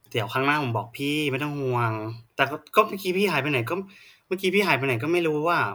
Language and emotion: Thai, frustrated